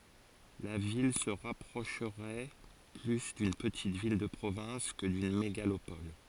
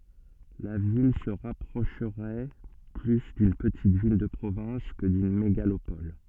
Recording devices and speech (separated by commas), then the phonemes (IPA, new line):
forehead accelerometer, soft in-ear microphone, read sentence
la vil sə ʁapʁoʃʁɛ ply dyn pətit vil də pʁovɛ̃s kə dyn meɡalopɔl